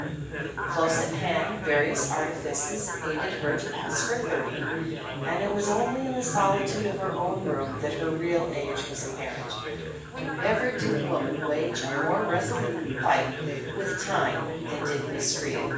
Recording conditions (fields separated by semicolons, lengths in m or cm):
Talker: one person; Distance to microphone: 9.8 m; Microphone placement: far; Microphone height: 1.8 m; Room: large; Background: babble